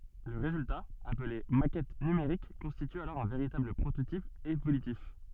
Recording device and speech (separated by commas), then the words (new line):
soft in-ear microphone, read sentence
Le résultat, appelé maquette numérique constitue alors un véritable prototype évolutif.